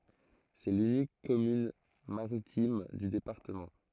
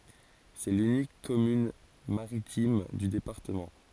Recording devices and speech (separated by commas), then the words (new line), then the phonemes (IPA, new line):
throat microphone, forehead accelerometer, read sentence
C'est l'unique commune maritime du département.
sɛ lynik kɔmyn maʁitim dy depaʁtəmɑ̃